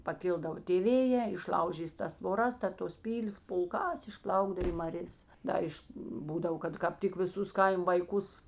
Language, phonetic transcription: Lithuanian, paˈkildavo tė ˈvėjē išˈlaužys tas tvoˈras ta tos ˈpylės pulˈkās išˈplaukdav į marės ˈda iš ˈbūdavo kad ˈkap tik viˈsus ˈkaim vaiˈkus

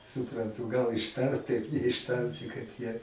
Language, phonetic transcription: Lithuanian, supranˈtū ˈgal išˈtart taip neišˈtarči kad ˈjie

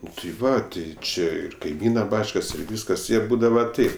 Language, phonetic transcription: Lithuanian, ˈnu tai ˈva tai ˈči ir kaiˈmyna ˈbačkas ir ˈvyskas ir ˈbūdava ˈtaip

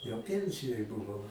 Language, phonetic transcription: Lithuanian, jau ˈpiensijoj buˈvau

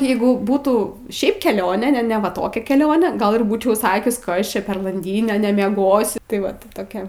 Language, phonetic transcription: Lithuanian, ˈjeigu ˈbūtų ˈšiaip keˈlionė ne ne va ˈtokia keˈlionė ˈgal ir ˈbūčiau ˈsakius ˈkas ˈčia per lanˈdynė nemieˈgosiu tai ˈvat ti ˈtokia

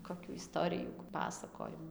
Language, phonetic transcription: Lithuanian, koˈkių iˈstorijų ˈpasakojimu

